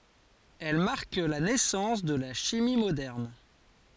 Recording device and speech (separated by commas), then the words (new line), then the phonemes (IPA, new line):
forehead accelerometer, read sentence
Elle marque la naissance de la chimie moderne.
ɛl maʁk la nɛsɑ̃s də la ʃimi modɛʁn